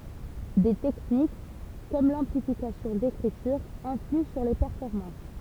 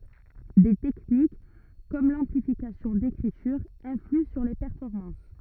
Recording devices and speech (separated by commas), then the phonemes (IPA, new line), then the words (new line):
temple vibration pickup, rigid in-ear microphone, read sentence
de tɛknik kɔm lɑ̃plifikasjɔ̃ dekʁityʁ ɛ̃flyɑ̃ syʁ le pɛʁfɔʁmɑ̃s
Des techniques comme l'amplification d'écriture influent sur les performances.